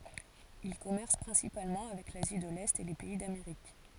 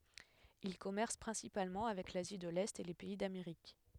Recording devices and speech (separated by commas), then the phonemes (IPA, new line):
forehead accelerometer, headset microphone, read sentence
il kɔmɛʁs pʁɛ̃sipalmɑ̃ avɛk lazi də lɛt e le pɛi dameʁik